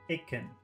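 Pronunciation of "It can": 'It can' is said the fast, conversational way, not slowly and carefully. It is very short.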